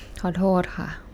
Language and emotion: Thai, sad